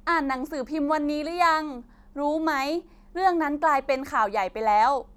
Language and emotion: Thai, neutral